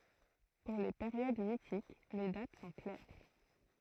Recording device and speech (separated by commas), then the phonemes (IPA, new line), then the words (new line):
throat microphone, read sentence
puʁ le peʁjod mitik le dat sɔ̃ klɛʁ
Pour les périodes mythiques, les dates sont claires.